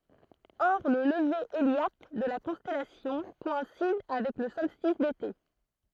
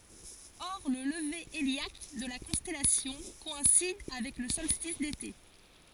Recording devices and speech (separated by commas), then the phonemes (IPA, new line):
throat microphone, forehead accelerometer, read sentence
ɔʁ lə ləve eljak də la kɔ̃stɛlasjɔ̃ kɔɛ̃sid avɛk lə sɔlstis dete